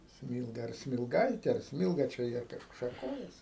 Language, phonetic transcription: Lithuanian, ˈsmylga ar smilˈgaitė ar ˈsmylga čia ˈjie ˈkažku šaˈkojasi

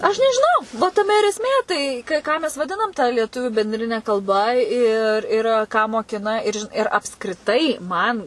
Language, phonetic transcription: Lithuanian, ˈaš nežiˈnau va taˈme ir esˈmė ˈtai ka ˈką mes vaˈdinam ta lieˈtuvių benˈdrine kalˈba ir ir ˈką moˈkina ir žin ir apskriˈtai ˈman

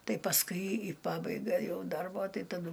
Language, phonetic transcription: Lithuanian, ˈtai pasˈkui i ˈpabaiga ˈjau ˈdarbo ˈtai taˈdu

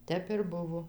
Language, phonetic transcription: Lithuanian, ˈtep ir ˈbuvo

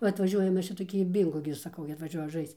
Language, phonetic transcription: Lithuanian, ˈva atvaˈžiuoja ˈmes čia toˈkį ˈbyngo gi saˈkau gi atvaˈžiuoja ˈžaisc

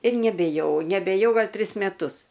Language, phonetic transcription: Lithuanian, ir nebėˈjau nebėˈjau ˈgal' ˈtris meˈtus

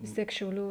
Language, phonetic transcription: Lithuanian, vis ˈtiek šiauˈlių

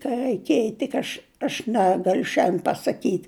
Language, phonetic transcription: Lithuanian, ka raiˈkėj tik ˈaš aš ˈnegaliu šiandėn pasaˈkyt'

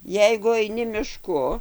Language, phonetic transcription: Lithuanian, ˈjeigu aiˈni miˈšku

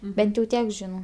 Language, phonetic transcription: Lithuanian, ˈbent jau ˈtiek ˈžinau

